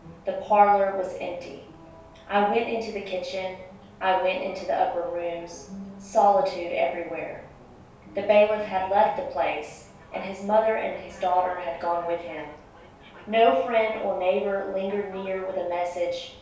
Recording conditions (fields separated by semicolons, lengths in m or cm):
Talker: one person; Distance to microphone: 3.0 m; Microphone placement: far; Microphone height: 1.8 m; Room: small (3.7 m by 2.7 m); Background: television